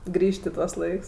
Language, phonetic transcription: Lithuanian, ˈgrįžt' i ˈtuos ˈlaiks

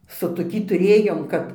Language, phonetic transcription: Lithuanian, su toˈkį tuˈrėjom ˈkap

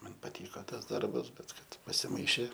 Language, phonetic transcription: Lithuanian, ˈman paˈtyka ˈtas ˈdarbas ˈbet ˈkad pasiˈmaišė

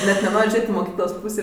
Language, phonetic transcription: Lithuanian, net neˈnor' ˈžėt' i moˈkyklos ˈpūsė

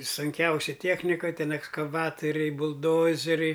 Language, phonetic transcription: Lithuanian, sunˈkiausi ˈtiechnika ˈten ekskaˈvatoriai bulˈdozeriai

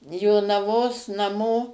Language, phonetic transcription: Lithuanian, jonaˈvos naˈmo

